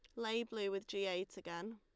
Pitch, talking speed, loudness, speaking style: 200 Hz, 230 wpm, -42 LUFS, Lombard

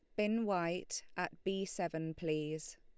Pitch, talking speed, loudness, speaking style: 170 Hz, 140 wpm, -38 LUFS, Lombard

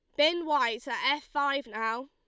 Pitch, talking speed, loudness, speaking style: 280 Hz, 190 wpm, -29 LUFS, Lombard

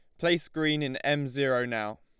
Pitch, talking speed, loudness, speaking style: 140 Hz, 200 wpm, -28 LUFS, Lombard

